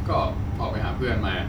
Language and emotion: Thai, frustrated